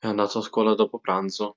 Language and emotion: Italian, neutral